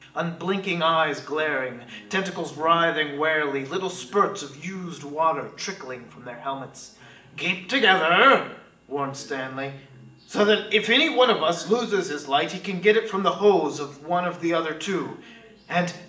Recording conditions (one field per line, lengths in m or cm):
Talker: one person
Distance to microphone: 1.8 m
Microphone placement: close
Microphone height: 1.0 m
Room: large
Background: television